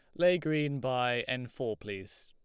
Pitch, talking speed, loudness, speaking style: 125 Hz, 175 wpm, -32 LUFS, Lombard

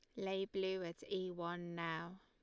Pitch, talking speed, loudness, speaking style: 185 Hz, 180 wpm, -43 LUFS, Lombard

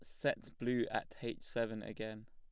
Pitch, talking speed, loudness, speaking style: 110 Hz, 175 wpm, -40 LUFS, plain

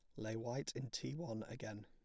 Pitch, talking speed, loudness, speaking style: 115 Hz, 220 wpm, -45 LUFS, plain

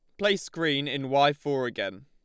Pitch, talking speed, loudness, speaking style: 145 Hz, 195 wpm, -27 LUFS, Lombard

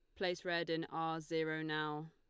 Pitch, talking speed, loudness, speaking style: 160 Hz, 190 wpm, -39 LUFS, Lombard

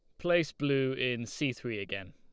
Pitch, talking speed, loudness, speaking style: 130 Hz, 185 wpm, -32 LUFS, Lombard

